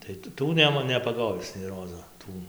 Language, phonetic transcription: Lithuanian, tai ˈtų ˈnema nepaˈgovis nei ˈrozo ˈtų

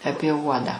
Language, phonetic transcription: Lithuanian, ˈapie ˈuodą

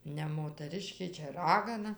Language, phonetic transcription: Lithuanian, ne motaˈriškė ˈčia ˈragana

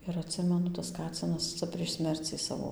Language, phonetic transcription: Lithuanian, ir atˈsimenu tas ˈkacinas ˈca prieš ˈsmercį ˈsavo

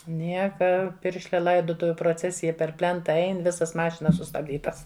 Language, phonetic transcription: Lithuanian, ˈnieka ˈpiršlia ˈlaidotuviu proˈcesija per ˈplenta ˈein ˈvisas ˈmašinas sustabˈdytas

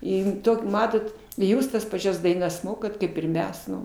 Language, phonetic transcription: Lithuanian, ˈin ˈtok' ˈmatot i ˈjūs tas paˈčias daiˈnas ˈmokat ˈkaip ir ˈmes ˈnu

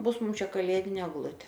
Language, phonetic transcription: Lithuanian, ˈbus ˈmum ˈčia kaˈlėdinė egˈlutė

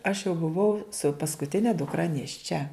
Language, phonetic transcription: Lithuanian, aš jau buˈvau su paskuˈtine dukˈra nėšˈčia

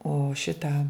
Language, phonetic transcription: Lithuanian, o ˈšitą

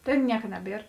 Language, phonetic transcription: Lithuanian, ˈtėn ˈnieka ˈneˌbier

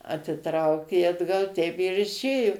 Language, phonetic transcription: Lithuanian, atiˈtraukė atˈgal teip ir išˈėju

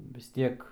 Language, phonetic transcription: Lithuanian, vis ˈtiek

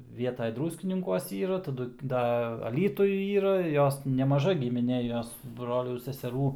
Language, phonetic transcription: Lithuanian, ˈvietaj ˈdruskininkuos ˈyra taˈdu ˈda aˈlytuj ˈyra ˈjos nemaˈža gimiˈnė ˈjos ˈbrolių seseˈrų

